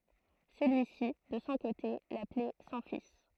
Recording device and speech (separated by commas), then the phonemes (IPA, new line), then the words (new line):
throat microphone, read sentence
səlyi si də sɔ̃ kote laplɛ sɔ̃ fis
Celui-ci, de son côté, l'appelait son fils.